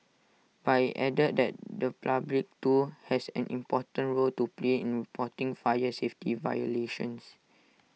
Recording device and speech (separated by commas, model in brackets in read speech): mobile phone (iPhone 6), read sentence